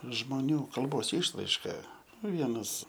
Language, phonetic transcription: Lithuanian, žmoˈnių kalˈbos ˈišraiška nu ˈvienas

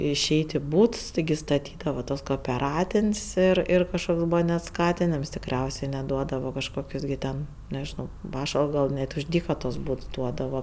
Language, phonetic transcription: Lithuanian, iˈšeit' i ˈbūts tiˈgi staˈtydava tuos koopeˈratin's' ir ˈir kažˈkoks ˈbūva net ˈskatinims tikˈriausė net ˈduodava kažˈkokius gi ˈten nežiˈnau ˈpašalps gal ˈnet už ˈdyka tuos ˈbūts ˈduodava

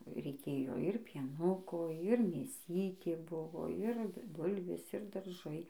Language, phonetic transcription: Lithuanian, reiˈkėjo ir pieˈnuko ir mėˈsytė ˈbuvo ir ˈbulvės ir darˈžai

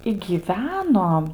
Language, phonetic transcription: Lithuanian, i gyˈveno

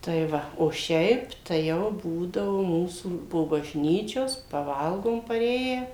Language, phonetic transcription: Lithuanian, tai ˈva o ˈšiaip tai ˈjau ˈbūdavu ˈmūsų po bažˈnyčios paˈvalgom paˈrėję

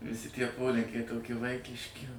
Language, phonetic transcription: Lithuanian, viˈsi tie ˈpolinkiai toˈki ˈvaikiški

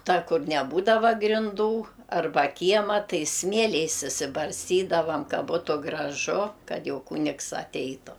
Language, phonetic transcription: Lithuanian, ˈta ˈkur neˈbūdava grinˈdų arˈba ˈkiema ˈtai ˈsmieliais išsibarsˈtydavam ˈka ˈbūtu graˈžu ˈkad ˈjau ˈkunigs aˈteitu

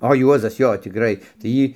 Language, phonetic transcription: Lithuanian, o ˈjuozas ˈjo tikˈrai tai ˈjį

